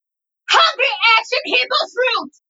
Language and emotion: English, angry